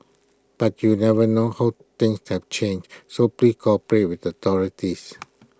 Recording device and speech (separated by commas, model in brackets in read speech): close-talking microphone (WH20), read sentence